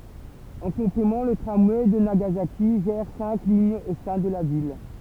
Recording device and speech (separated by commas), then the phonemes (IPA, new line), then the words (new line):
temple vibration pickup, read sentence
ɑ̃ kɔ̃plemɑ̃ lə tʁamwɛ də naɡazaki ʒɛʁ sɛ̃k liɲz o sɛ̃ də la vil
En complément, le tramway de Nagasaki gère cinq lignes au sein de la ville.